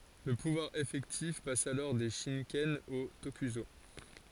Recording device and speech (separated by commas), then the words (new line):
forehead accelerometer, read sentence
Le pouvoir effectif passe alors des shikken aux tokuso.